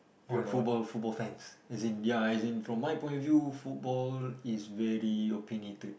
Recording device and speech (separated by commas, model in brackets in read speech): boundary microphone, conversation in the same room